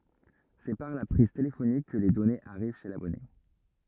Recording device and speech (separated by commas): rigid in-ear microphone, read sentence